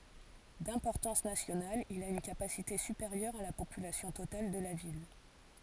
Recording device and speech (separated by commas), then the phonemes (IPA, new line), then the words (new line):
forehead accelerometer, read sentence
dɛ̃pɔʁtɑ̃s nasjonal il a yn kapasite sypeʁjœʁ a la popylasjɔ̃ total də la vil
D’importance nationale, il a une capacité supérieure à la population totale de la ville.